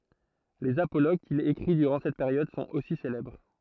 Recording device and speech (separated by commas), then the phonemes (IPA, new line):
throat microphone, read sentence
lez apoloɡ kil ekʁi dyʁɑ̃ sɛt peʁjɔd sɔ̃t osi selɛbʁ